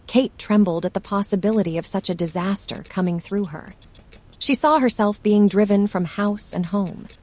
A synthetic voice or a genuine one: synthetic